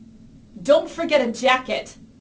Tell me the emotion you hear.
angry